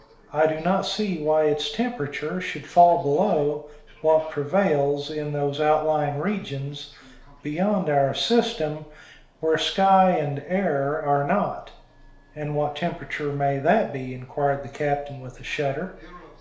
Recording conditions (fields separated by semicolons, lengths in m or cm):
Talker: one person; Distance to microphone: 1.0 m; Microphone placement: close; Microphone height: 1.1 m; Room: small (3.7 m by 2.7 m); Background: television